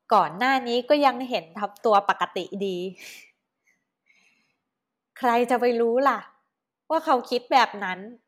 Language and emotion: Thai, happy